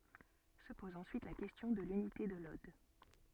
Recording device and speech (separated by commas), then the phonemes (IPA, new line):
soft in-ear microphone, read sentence
sə pɔz ɑ̃syit la kɛstjɔ̃ də lynite də lɔd